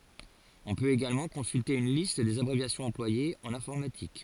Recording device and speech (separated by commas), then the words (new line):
forehead accelerometer, read sentence
On peut également consulter une liste des abréviations employées en informatique.